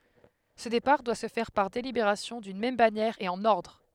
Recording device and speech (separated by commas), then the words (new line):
headset microphone, read sentence
Ce départ doit se faire par délibération d'une même bannière et en ordre.